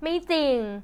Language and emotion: Thai, neutral